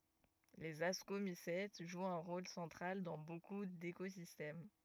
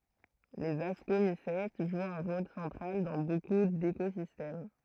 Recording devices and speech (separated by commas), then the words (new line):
rigid in-ear microphone, throat microphone, read sentence
Les Ascomycètes jouent un rôle central dans beaucoup d’écosystèmes.